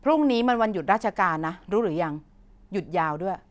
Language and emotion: Thai, frustrated